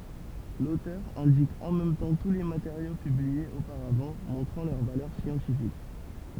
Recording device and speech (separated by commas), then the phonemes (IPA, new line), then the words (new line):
temple vibration pickup, read sentence
lotœʁ ɛ̃dik ɑ̃ mɛm tɑ̃ tu le mateʁjo pybliez opaʁavɑ̃ mɔ̃tʁɑ̃ lœʁ valœʁ sjɑ̃tifik
L'auteur indique en même temps tous les matériaux publiés auparavant, montrant leur valeur scientifique.